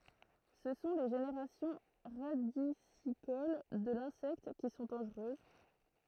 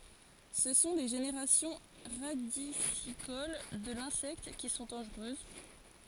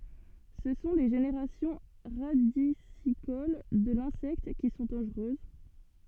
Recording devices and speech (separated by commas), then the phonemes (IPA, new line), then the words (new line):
throat microphone, forehead accelerometer, soft in-ear microphone, read sentence
sə sɔ̃ le ʒeneʁasjɔ̃ ʁadisikol də lɛ̃sɛkt ki sɔ̃ dɑ̃ʒʁøz
Ce sont les générations radicicoles de l'insecte qui sont dangereuses.